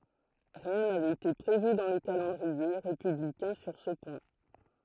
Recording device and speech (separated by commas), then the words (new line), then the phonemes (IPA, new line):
throat microphone, read sentence
Rien n'avait été prévu dans le calendrier républicain sur ce point.
ʁiɛ̃ navɛt ete pʁevy dɑ̃ lə kalɑ̃dʁie ʁepyblikɛ̃ syʁ sə pwɛ̃